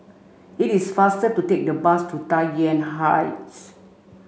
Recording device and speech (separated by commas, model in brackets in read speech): mobile phone (Samsung C5), read sentence